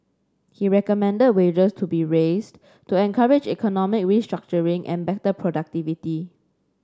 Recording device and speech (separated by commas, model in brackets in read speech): standing microphone (AKG C214), read sentence